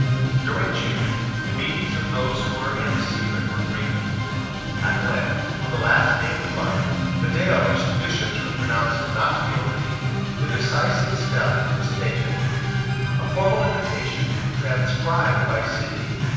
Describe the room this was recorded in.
A big, echoey room.